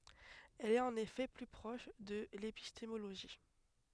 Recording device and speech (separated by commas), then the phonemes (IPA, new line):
headset microphone, read sentence
ɛl ɛt ɑ̃n efɛ ply pʁɔʃ də lepistemoloʒi